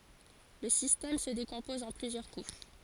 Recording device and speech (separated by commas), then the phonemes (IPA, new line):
forehead accelerometer, read sentence
lə sistɛm sə dekɔ̃pɔz ɑ̃ plyzjœʁ kuʃ